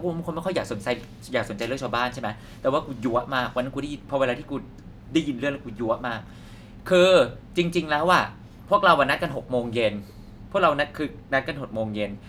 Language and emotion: Thai, frustrated